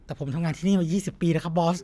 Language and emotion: Thai, frustrated